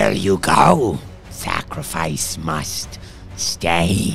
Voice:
growly